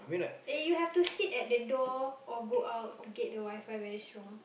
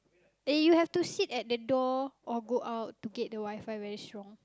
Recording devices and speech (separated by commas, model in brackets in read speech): boundary microphone, close-talking microphone, conversation in the same room